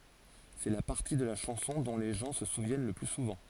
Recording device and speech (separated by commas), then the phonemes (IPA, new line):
forehead accelerometer, read sentence
sɛ la paʁti də la ʃɑ̃sɔ̃ dɔ̃ le ʒɑ̃ sə suvjɛn lə ply suvɑ̃